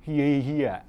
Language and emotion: Thai, frustrated